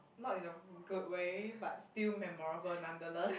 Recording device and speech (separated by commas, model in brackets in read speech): boundary microphone, conversation in the same room